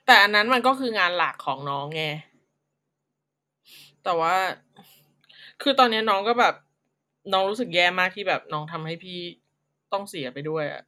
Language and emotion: Thai, frustrated